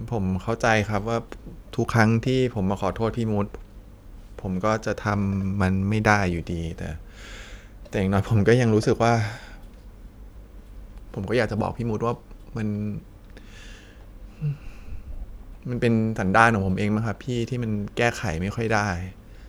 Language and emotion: Thai, sad